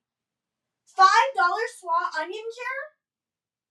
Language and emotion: English, disgusted